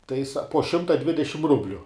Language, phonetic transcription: Lithuanian, tai sa po ˈšimta ˈdvidešim ˈrubliu

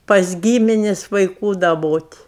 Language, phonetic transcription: Lithuanian, pas ˈgyminis' vaiˈkų daˈbot'

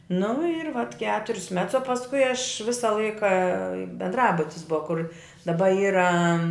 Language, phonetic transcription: Lithuanian, nu ir vat ˈketur's' mets o pasˈkui aš ˈvisa ˈlaika bendˈrabutis ˈbua kur daˈba ˈyra

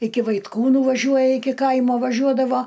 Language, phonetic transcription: Lithuanian, ˈiki vaitˈkūnų ˈvažiuoja ˈiki ˈkaimo vaˈžiuodavo

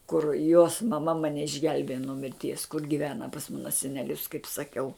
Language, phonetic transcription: Lithuanian, kur jos maˈma maˈne išˈgelbėja nuo mirˈties kur giˈvena pas ˈmana seneˈlius kaip saˈkiau

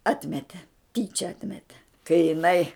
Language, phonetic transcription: Lithuanian, ˈatmete ˈtyčia ˈatmete kai jiˈnai

